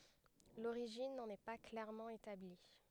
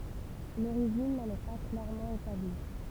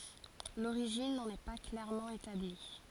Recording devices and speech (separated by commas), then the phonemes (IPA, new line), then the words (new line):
headset microphone, temple vibration pickup, forehead accelerometer, read sentence
loʁiʒin nɑ̃n ɛ pa klɛʁmɑ̃ etabli
L'origine n'en est pas clairement établie.